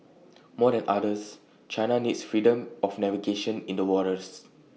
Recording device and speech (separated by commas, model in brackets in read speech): mobile phone (iPhone 6), read sentence